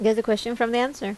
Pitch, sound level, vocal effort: 230 Hz, 82 dB SPL, normal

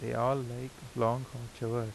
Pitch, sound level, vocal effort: 120 Hz, 83 dB SPL, soft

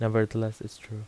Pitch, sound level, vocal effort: 110 Hz, 81 dB SPL, soft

